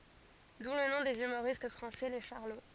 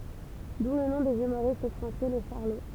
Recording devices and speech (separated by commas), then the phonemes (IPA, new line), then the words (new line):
forehead accelerometer, temple vibration pickup, read sentence
du lə nɔ̃ dez ymoʁist fʁɑ̃sɛ le ʃaʁlo
D'où le nom des humoristes français, les Charlots.